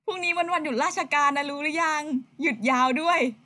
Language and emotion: Thai, happy